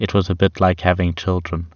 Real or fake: real